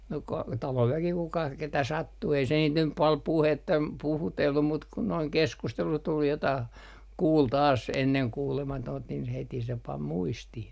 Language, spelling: Finnish, no - talon väki kuka ketä sattui ei se niitä nyt paljon - puhutellut mutta kun noin keskustelu tuli jotakin kuuli taas ennen kuulematonta niin heti se pani muistiin
- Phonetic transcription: no ka - 'talov väki kuka , ketä "sattu ei se niit nyp pal "puhetta- , puhutellum mut kun noiŋ "keskustelu tul jotah , 'kuul taas "enneŋ 'kuulematoont nin heti se "pam 'muistih .

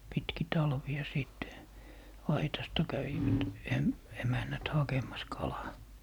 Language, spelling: Finnish, pitkin talvea sitten aitasta kävivät - emännät hakemassa kalaa
- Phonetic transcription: 'pitki "talvi₍a 'sìtte , 'aitasta 'kävivät 'em- , 'emännät 'hakem̀as "kalaa .

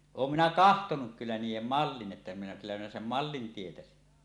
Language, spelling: Finnish, olen minä katsonut kyllä niiden mallin että minä kyllä minä sen mallin tietäisin
- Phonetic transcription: oom "minä "kahtonuk 'kyllä niij̆jem "mallin 'ˀettä minä 'kyllä 'minä "sem "mallin 'tietäsin .

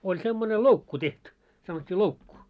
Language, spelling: Finnish, oli semmoinen loukku tehty sanottiin loukku
- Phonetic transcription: oĺ semmone "loukku 'tehty , sanot́t́ii 'loukku .

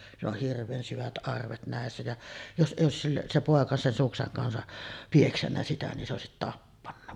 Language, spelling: Finnish, sillä on hirveän syvät arvet näissä ja jos ei olisi - se poika sen suksen kansa piessyt sitä niin se olisi tappanut
- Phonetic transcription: sill ‿oh "hirv̆veen 'syvät 'ˀarvet nä̀essä ja , 'jos '’èij̆j ‿òesis sil- , se 'pòeka sen 'sukseŋ kansa , "pieksännä sitä nin se òesit 'tappanna .

